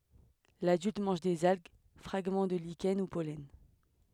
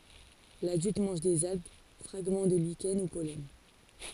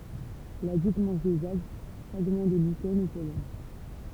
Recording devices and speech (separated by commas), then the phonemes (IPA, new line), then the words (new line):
headset microphone, forehead accelerometer, temple vibration pickup, read sentence
ladylt mɑ̃ʒ dez alɡ fʁaɡmɑ̃ də liʃɛn u pɔlɛn
L'adulte mange des algues, fragments de lichens ou pollens.